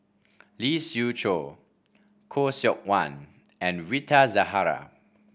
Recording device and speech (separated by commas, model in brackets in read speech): boundary microphone (BM630), read sentence